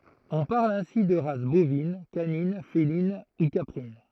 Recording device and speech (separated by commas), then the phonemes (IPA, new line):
throat microphone, read sentence
ɔ̃ paʁl ɛ̃si də ʁas bovin kanin felin u kapʁin